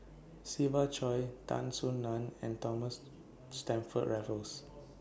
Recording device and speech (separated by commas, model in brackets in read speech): boundary microphone (BM630), read sentence